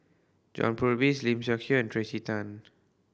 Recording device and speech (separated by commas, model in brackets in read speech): boundary microphone (BM630), read sentence